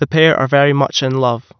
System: none